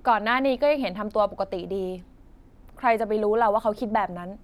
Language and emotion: Thai, neutral